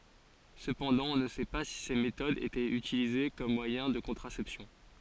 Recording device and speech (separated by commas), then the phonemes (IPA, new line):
forehead accelerometer, read sentence
səpɑ̃dɑ̃ ɔ̃ nə sɛ pa si se metodz etɛt ytilize kɔm mwajɛ̃ də kɔ̃tʁasɛpsjɔ̃